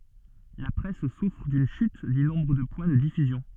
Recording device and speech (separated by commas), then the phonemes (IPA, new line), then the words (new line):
soft in-ear microphone, read sentence
la pʁɛs sufʁ dyn ʃyt dy nɔ̃bʁ də pwɛ̃ də difyzjɔ̃
La presse souffre d'une chute du nombre de points de diffusion.